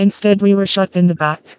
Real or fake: fake